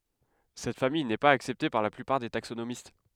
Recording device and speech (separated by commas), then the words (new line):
headset microphone, read sentence
Cette famille n'est pas acceptée par la plupart des taxonomistes.